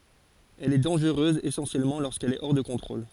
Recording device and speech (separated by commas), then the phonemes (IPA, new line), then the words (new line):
forehead accelerometer, read sentence
ɛl ɛ dɑ̃ʒʁøz esɑ̃sjɛlmɑ̃ loʁskɛl ɛ ɔʁ də kɔ̃tʁol
Elle est dangereuse essentiellement lorsqu'elle est hors de contrôle.